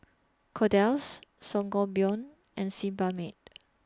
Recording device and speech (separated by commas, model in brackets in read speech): standing microphone (AKG C214), read sentence